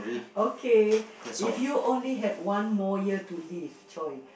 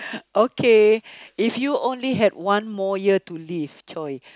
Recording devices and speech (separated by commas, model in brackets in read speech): boundary microphone, close-talking microphone, conversation in the same room